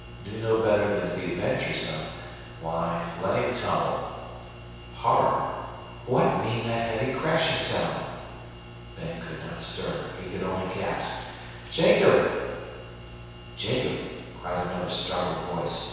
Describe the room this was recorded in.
A large, echoing room.